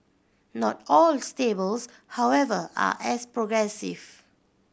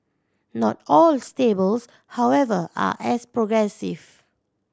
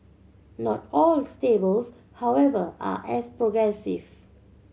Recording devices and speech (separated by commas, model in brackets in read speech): boundary microphone (BM630), standing microphone (AKG C214), mobile phone (Samsung C7100), read sentence